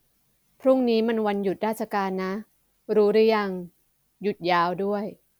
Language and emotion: Thai, neutral